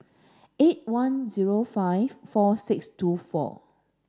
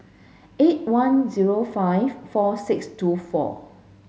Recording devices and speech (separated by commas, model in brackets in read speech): standing microphone (AKG C214), mobile phone (Samsung S8), read sentence